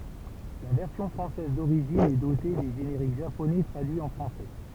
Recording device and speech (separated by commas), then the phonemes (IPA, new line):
temple vibration pickup, read sentence
la vɛʁsjɔ̃ fʁɑ̃sɛz doʁiʒin ɛ dote de ʒeneʁik ʒaponɛ tʁadyiz ɑ̃ fʁɑ̃sɛ